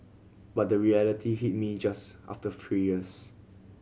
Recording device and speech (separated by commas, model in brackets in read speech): mobile phone (Samsung C7100), read sentence